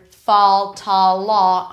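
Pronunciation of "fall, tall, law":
'Fall', 'tall' and 'law' are said the West Coast American way, with the ah vowel of 'father'.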